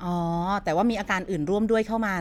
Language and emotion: Thai, neutral